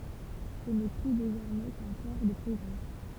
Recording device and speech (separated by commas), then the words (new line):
temple vibration pickup, read sentence
Ce n'est plus désormais qu'un port de plaisance.